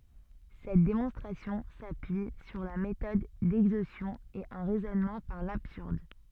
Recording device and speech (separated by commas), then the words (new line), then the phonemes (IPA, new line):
soft in-ear microphone, read sentence
Cette démonstration s'appuie sur la méthode d'exhaustion et un raisonnement par l'absurde.
sɛt demɔ̃stʁasjɔ̃ sapyi syʁ la metɔd dɛɡzostjɔ̃ e œ̃ ʁɛzɔnmɑ̃ paʁ labsyʁd